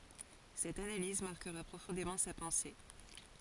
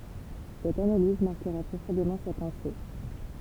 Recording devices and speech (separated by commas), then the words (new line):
forehead accelerometer, temple vibration pickup, read sentence
Cette analyse marquera profondément sa pensée.